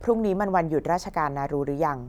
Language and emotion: Thai, neutral